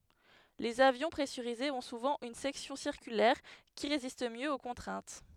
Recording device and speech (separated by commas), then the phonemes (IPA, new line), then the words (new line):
headset microphone, read sentence
lez avjɔ̃ pʁɛsyʁizez ɔ̃ suvɑ̃ yn sɛksjɔ̃ siʁkylɛʁ ki ʁezist mjø o kɔ̃tʁɛ̃t
Les avions pressurisés ont souvent une section circulaire qui résiste mieux aux contraintes.